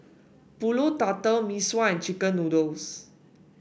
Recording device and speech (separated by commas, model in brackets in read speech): boundary microphone (BM630), read sentence